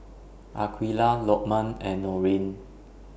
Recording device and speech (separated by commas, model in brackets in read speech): boundary microphone (BM630), read sentence